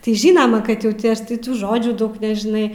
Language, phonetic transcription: Lithuanian, tai ˈžynama kad ˈjau ti ˈaš tai ˈtų ˈžodžių ˈdaug nežiˈnai

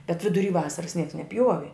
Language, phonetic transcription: Lithuanian, bet viduˈry ˈvasaras nieks neˈpjuovi

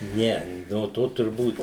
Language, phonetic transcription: Lithuanian, ˈne no ˈto turˈbūt

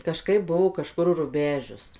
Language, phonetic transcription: Lithuanian, kaˈžkaip ˈbuo kaˈžkur ruˈbežius

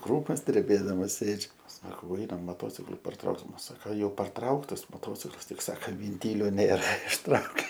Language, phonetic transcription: Lithuanian, ˈkrūmos dreˈbėdamas ˈsėdžiu ˈsakau ˈainam moˈtociklu parˈtrauksim ˈsaka jau parˈtrauktas moˈtociklas ˈtik ˈsaka vinˈtylio ˈnėra išˈtraukė

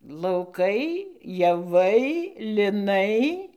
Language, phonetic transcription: Lithuanian, lauˈkai jaˈvai liˈnai

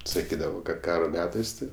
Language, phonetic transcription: Lithuanian, saˈkydavo kad ˈkaro ˈmetais tai

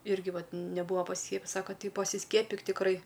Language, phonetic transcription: Lithuanian, ˈirgi ˈvat neˈbūa pasiˈskiepijis ˈsaka ˈtai pasiˈskiepik tikˈrai

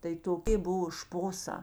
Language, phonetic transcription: Lithuanian, tai toˈkė ˈbuvo ˈšpoˌsā

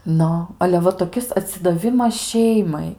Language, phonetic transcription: Lithuanian, ˈnu ale ˈva toˈkis atsidaˈvimas ˈšeimai

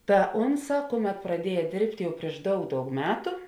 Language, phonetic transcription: Lithuanian, ta ˈunˌsā ˈkuˌmet praˈdieja ˈdėrbt' ˈjau prieš ˈdaug ˈdaug ˈmetu

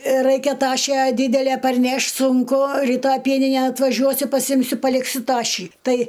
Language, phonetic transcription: Lithuanian, ˈraikia ˈtašę ˈdydelæ parˈnešt' sunˈku ryˈtaj ˈpieninen atvaˈžiuosiu paˈsimsiu paˈliksiu ˈtašį ˈtai

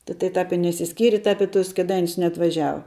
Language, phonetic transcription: Lithuanian, ti tai ˈtap i neišsiˈskyri ˈtap i tus kėˈdainius neatvaˈžiava

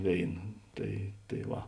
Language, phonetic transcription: Lithuanian, ˈvėina ˈtai tai ˈva

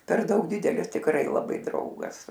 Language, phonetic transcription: Lithuanian, per ˈdaug ˈdidelis tikˈrai laˈbai ˈdraugas

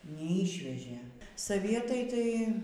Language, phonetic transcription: Lithuanian, neˈyšvežė saˈvietai ˈtai

